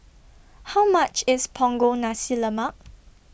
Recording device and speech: boundary microphone (BM630), read sentence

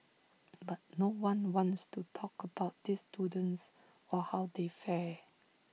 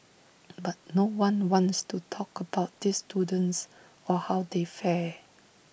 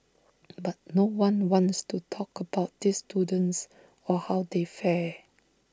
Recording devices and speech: mobile phone (iPhone 6), boundary microphone (BM630), standing microphone (AKG C214), read sentence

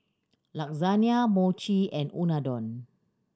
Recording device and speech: standing microphone (AKG C214), read sentence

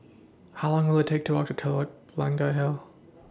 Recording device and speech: standing microphone (AKG C214), read sentence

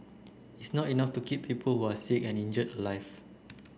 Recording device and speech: boundary microphone (BM630), read sentence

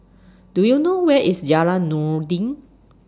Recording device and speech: standing microphone (AKG C214), read sentence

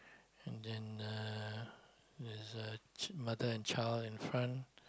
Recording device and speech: close-talking microphone, conversation in the same room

